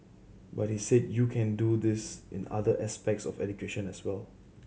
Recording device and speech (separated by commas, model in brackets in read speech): mobile phone (Samsung C7100), read sentence